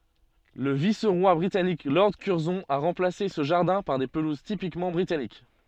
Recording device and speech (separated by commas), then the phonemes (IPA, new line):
soft in-ear microphone, read sentence
lə vis ʁwa bʁitanik lɔʁd kyʁzɔ̃ a ʁɑ̃plase sə ʒaʁdɛ̃ paʁ de pəluz tipikmɑ̃ bʁitanik